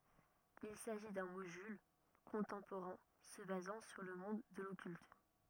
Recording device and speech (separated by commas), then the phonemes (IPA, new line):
rigid in-ear microphone, read sentence
il saʒi dœ̃ modyl kɔ̃tɑ̃poʁɛ̃ sə bazɑ̃ syʁ lə mɔ̃d də lɔkylt